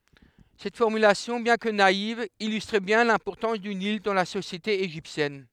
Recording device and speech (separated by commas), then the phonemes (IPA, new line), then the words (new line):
headset microphone, read sentence
sɛt fɔʁmylasjɔ̃ bjɛ̃ kə naiv ilystʁ bjɛ̃ lɛ̃pɔʁtɑ̃s dy nil dɑ̃ la sosjete eʒiptjɛn
Cette formulation, bien que naïve, illustre bien l'importance du Nil dans la société égyptienne.